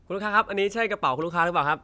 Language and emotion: Thai, neutral